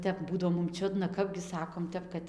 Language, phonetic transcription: Lithuanian, ˈtep ˈbūdavo mum ˈčiudna ˈkapgi ˈsakom ˈtep kad

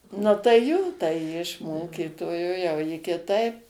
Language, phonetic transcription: Lithuanian, ˈnu tai ˈjo tai ˈji iš ˈmokytojo jau ˈji kiˈtaip

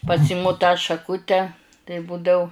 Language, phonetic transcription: Lithuanian, paˈsimu tą šaˈkute tai ˈbūdau

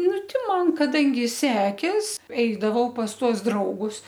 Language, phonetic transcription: Lithuanian, ˈnu ˈti ˈman kaˈdangi ˈsekės ˈeidavau pas ˈtuos ˈdraugus

